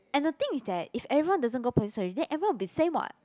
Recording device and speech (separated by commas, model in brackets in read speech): close-talking microphone, conversation in the same room